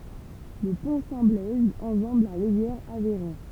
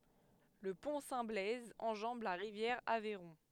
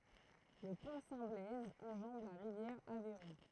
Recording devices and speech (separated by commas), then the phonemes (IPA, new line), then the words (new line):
temple vibration pickup, headset microphone, throat microphone, read sentence
lə pɔ̃ sɛ̃ blɛz ɑ̃ʒɑ̃b la ʁivjɛʁ avɛʁɔ̃
Le Pont Saint-Blaise enjambe la rivière Aveyron.